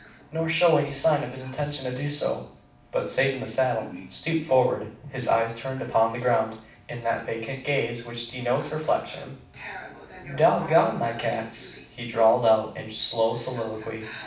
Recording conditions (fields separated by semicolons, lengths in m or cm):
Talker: one person; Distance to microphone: 5.8 m; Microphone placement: far; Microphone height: 1.8 m; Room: medium-sized (5.7 m by 4.0 m); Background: television